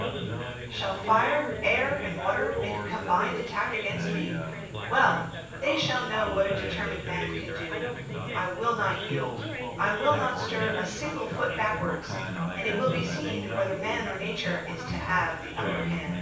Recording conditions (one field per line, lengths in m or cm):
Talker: one person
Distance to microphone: 9.8 m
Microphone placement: far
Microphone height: 1.8 m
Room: large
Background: babble